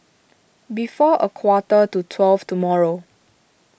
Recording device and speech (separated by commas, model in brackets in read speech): boundary microphone (BM630), read sentence